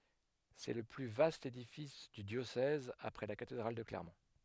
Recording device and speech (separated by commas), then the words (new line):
headset microphone, read sentence
C'est le plus vaste édifice du diocèse après la cathédrale de Clermont.